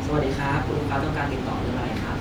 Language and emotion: Thai, happy